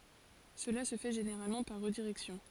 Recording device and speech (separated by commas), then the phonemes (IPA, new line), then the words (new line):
forehead accelerometer, read sentence
səla sə fɛ ʒeneʁalmɑ̃ paʁ ʁədiʁɛksjɔ̃
Cela se fait généralement par redirection.